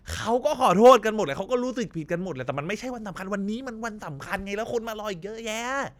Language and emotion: Thai, angry